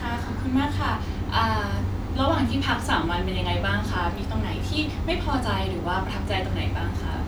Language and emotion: Thai, happy